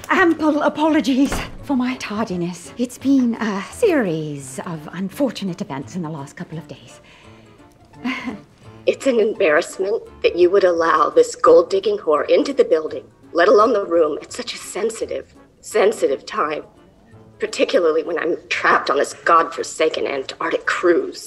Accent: British accent